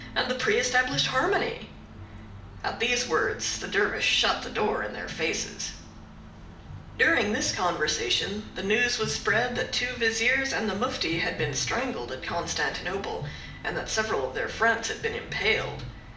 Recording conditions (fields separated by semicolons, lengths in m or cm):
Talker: one person; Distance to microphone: 2.0 m; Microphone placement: close; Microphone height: 99 cm; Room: medium-sized (5.7 m by 4.0 m); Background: music